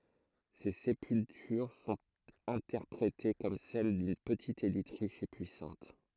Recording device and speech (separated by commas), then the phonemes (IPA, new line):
throat microphone, read sentence
se sepyltyʁ sɔ̃t ɛ̃tɛʁpʁete kɔm sɛl dyn pətit elit ʁiʃ e pyisɑ̃t